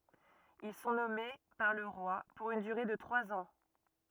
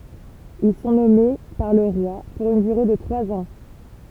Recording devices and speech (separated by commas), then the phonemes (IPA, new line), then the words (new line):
rigid in-ear microphone, temple vibration pickup, read sentence
il sɔ̃ nɔme paʁ lə ʁwa puʁ yn dyʁe də tʁwaz ɑ̃
Ils sont nommés par le roi pour une durée de trois ans.